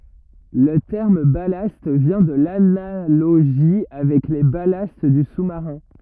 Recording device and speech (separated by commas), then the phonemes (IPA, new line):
rigid in-ear microphone, read sentence
lə tɛʁm balast vjɛ̃ də lanaloʒi avɛk le balast dy susmaʁɛ̃